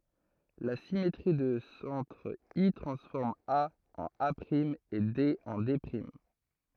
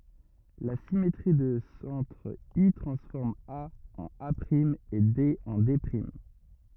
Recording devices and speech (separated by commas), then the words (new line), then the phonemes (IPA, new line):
throat microphone, rigid in-ear microphone, read sentence
La symétrie de centre I transforme A en A’ et D en D’.
la simetʁi də sɑ̃tʁ i tʁɑ̃sfɔʁm a ɑ̃n a e de ɑ̃ de